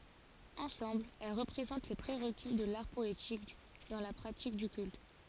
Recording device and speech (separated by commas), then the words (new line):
forehead accelerometer, read sentence
Ensemble, elles représentent les pré-requis de l'art poétique dans la pratique du culte.